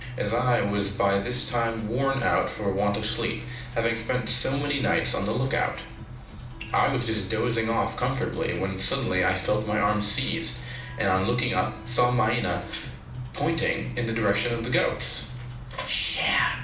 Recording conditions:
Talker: one person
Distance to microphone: 2.0 m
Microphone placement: close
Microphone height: 99 cm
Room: medium-sized (5.7 m by 4.0 m)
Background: music

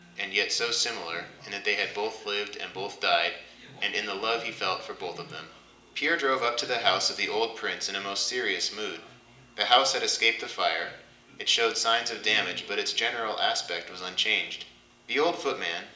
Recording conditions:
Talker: one person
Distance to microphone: 1.8 m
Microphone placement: close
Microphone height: 1.0 m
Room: large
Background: television

